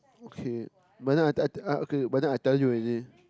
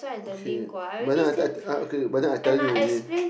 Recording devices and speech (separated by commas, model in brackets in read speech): close-talking microphone, boundary microphone, conversation in the same room